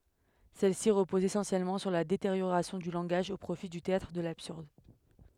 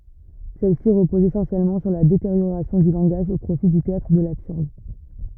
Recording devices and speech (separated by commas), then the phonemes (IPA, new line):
headset microphone, rigid in-ear microphone, read sentence
sɛlɛsi ʁəpozt esɑ̃sjɛlmɑ̃ syʁ la deteʁjoʁasjɔ̃ dy lɑ̃ɡaʒ o pʁofi dy teatʁ də labsyʁd